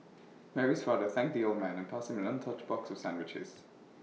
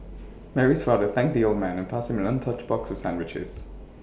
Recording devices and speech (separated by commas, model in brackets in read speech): mobile phone (iPhone 6), boundary microphone (BM630), read sentence